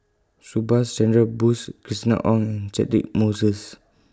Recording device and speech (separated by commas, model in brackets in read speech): close-talking microphone (WH20), read sentence